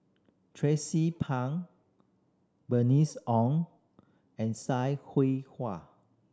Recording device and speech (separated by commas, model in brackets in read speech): standing microphone (AKG C214), read sentence